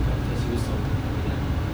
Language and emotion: Thai, frustrated